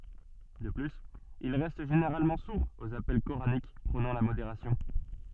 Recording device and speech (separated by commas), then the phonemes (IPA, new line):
soft in-ear microphone, read sentence
də plyz il ʁɛst ʒeneʁalmɑ̃ suʁz oz apɛl koʁanik pʁonɑ̃ la modeʁasjɔ̃